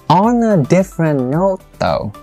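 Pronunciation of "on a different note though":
The intonation falls across the whole phrase, and 'though' is at the lowest point.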